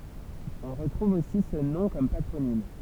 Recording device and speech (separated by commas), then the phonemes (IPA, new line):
temple vibration pickup, read sentence
ɔ̃ ʁətʁuv osi sə nɔ̃ kɔm patʁonim